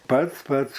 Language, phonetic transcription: Lithuanian, ˈpats ˈpats

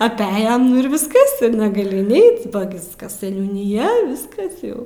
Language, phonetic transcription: Lithuanian, apˈejam nu ir visˈkas ir negaˈli inˈeit ba ˈgiskas seniūniˈja ˈviskas jau

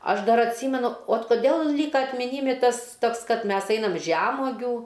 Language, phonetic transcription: Lithuanian, ˈaš ˈdar atˈsymenu ot koˈdėl ˈlyka atmiˈnymi ˈtas ˈtoks ˈkad ˈmes ˈeinam ˈžemuogių

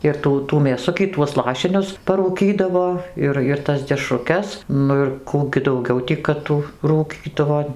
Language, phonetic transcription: Lithuanian, ir ˈtų tų mėˈsukį tuos ˈlašinius parūˈkydavo ˈir ir ˈtas dešruˈkes ˈnu ir ˈkų gi dauˈgiau tį kad ˈtų rūˈkydavo

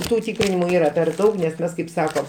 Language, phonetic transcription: Lithuanian, ˈtų ˈtykrinimu ˈyra per ˈdaug nes ˈmes kaip ˈsako

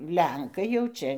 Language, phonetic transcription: Lithuanian, ˈlenkai jau ˈčia

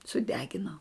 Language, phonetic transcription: Lithuanian, suˈdegino

